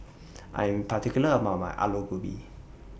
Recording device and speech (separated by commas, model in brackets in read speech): boundary microphone (BM630), read sentence